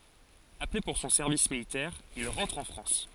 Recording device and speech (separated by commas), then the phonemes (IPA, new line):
forehead accelerometer, read sentence
aple puʁ sɔ̃ sɛʁvis militɛʁ il ʁɑ̃tʁ ɑ̃ fʁɑ̃s